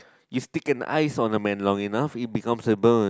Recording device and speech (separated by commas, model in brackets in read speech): close-talking microphone, conversation in the same room